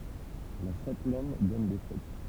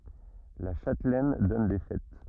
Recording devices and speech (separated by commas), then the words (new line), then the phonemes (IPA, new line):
temple vibration pickup, rigid in-ear microphone, read sentence
La châtelaine donne des fêtes.
la ʃatlɛn dɔn de fɛt